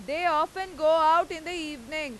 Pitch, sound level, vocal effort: 315 Hz, 103 dB SPL, very loud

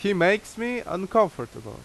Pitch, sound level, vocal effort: 200 Hz, 88 dB SPL, very loud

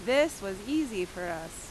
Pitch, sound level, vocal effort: 190 Hz, 89 dB SPL, very loud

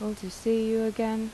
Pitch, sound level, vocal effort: 220 Hz, 82 dB SPL, soft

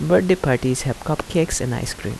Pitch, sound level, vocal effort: 145 Hz, 78 dB SPL, soft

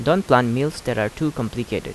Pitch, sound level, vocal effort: 125 Hz, 83 dB SPL, normal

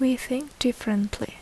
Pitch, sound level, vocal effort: 255 Hz, 70 dB SPL, soft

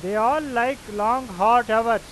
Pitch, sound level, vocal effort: 230 Hz, 100 dB SPL, very loud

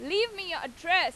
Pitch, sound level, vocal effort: 355 Hz, 98 dB SPL, loud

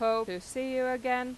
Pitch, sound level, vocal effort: 250 Hz, 93 dB SPL, normal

